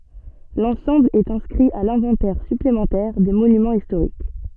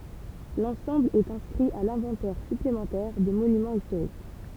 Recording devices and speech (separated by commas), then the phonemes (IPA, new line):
soft in-ear microphone, temple vibration pickup, read sentence
lɑ̃sɑ̃bl ɛt ɛ̃skʁi a lɛ̃vɑ̃tɛʁ syplemɑ̃tɛʁ de monymɑ̃z istoʁik